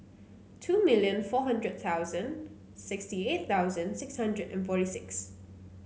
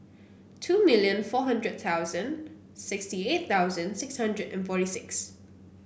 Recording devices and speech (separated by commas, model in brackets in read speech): mobile phone (Samsung C9), boundary microphone (BM630), read sentence